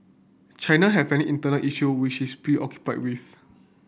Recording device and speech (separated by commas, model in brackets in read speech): boundary microphone (BM630), read sentence